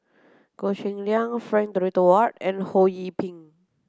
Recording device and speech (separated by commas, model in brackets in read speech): close-talking microphone (WH30), read sentence